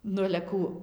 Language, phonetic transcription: Lithuanian, ˈnu ale ˈkų

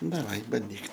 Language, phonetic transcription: Lithuanian, daˈvai banˈdyk

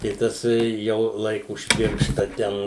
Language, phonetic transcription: Lithuanian, tai ˈtas jau ˈlaiku už ˈpiršta ˈten

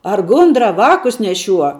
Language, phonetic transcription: Lithuanian, ar ˈgundra ˈvākus neˈšiuo

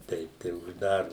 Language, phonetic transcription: Lithuanian, ˈteip tai užˈdarom

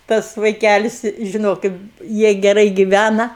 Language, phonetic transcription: Lithuanian, ˈtas vaiˈkælis žiˈnokit ˈjie geˈrai giˈvæna

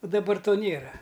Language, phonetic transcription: Lithuanian, u daˈbar ˈto ˈnėra

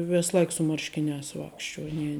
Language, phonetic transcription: Lithuanian, ˈvės ˈlaik su ˈmarškiˌniās ˈvakšˌčiuo ˈnie

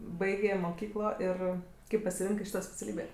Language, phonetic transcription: Lithuanian, ˈbaigė moˈkyklo ˈir ˈkaip pasiˈrinkɜ ˈšyto speciaˈlybė

